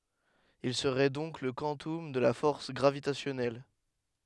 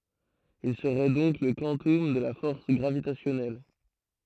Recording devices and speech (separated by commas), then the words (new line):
headset microphone, throat microphone, read sentence
Il serait donc le quantum de la force gravitationnelle.